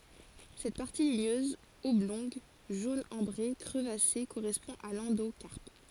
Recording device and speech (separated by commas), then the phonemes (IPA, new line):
forehead accelerometer, read sentence
sɛt paʁti liɲøz ɔblɔ̃ɡ ʒon ɑ̃bʁe kʁəvase koʁɛspɔ̃ a lɑ̃dokaʁp